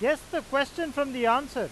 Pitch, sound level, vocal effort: 285 Hz, 98 dB SPL, loud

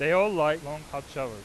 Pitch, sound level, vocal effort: 150 Hz, 99 dB SPL, very loud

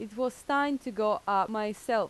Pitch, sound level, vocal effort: 220 Hz, 88 dB SPL, loud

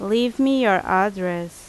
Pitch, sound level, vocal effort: 200 Hz, 86 dB SPL, loud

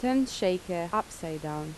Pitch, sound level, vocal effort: 180 Hz, 82 dB SPL, normal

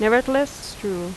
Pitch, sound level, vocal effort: 225 Hz, 84 dB SPL, normal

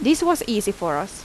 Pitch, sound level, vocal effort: 215 Hz, 83 dB SPL, loud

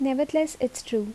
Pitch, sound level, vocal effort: 265 Hz, 76 dB SPL, soft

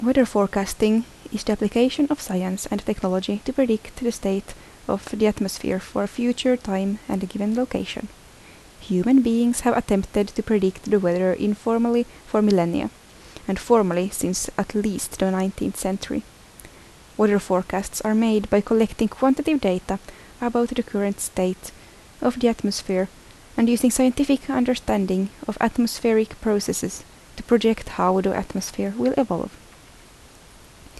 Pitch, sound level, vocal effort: 215 Hz, 75 dB SPL, soft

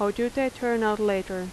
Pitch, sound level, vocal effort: 210 Hz, 84 dB SPL, normal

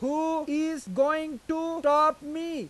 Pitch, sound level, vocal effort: 310 Hz, 99 dB SPL, very loud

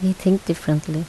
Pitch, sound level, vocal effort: 170 Hz, 76 dB SPL, soft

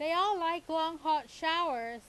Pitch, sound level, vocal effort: 320 Hz, 95 dB SPL, very loud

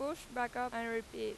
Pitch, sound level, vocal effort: 245 Hz, 94 dB SPL, very loud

